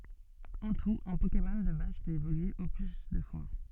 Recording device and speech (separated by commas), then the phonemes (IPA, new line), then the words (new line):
soft in-ear microphone, read sentence
ɑ̃ tut œ̃ pokemɔn də baz pøt evolye o ply dø fwa
En tout, un Pokémon de base peut évoluer au plus deux fois.